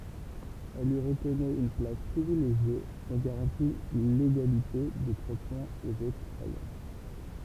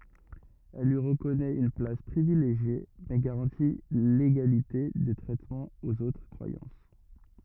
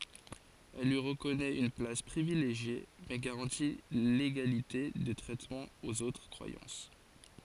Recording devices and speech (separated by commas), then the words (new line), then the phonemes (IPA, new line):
temple vibration pickup, rigid in-ear microphone, forehead accelerometer, read sentence
Elle lui reconnaît une place privilégiée, mais garantit l'égalité de traitement aux autres croyances.
ɛl lyi ʁəkɔnɛt yn plas pʁivileʒje mɛ ɡaʁɑ̃ti leɡalite də tʁɛtmɑ̃ oz otʁ kʁwajɑ̃s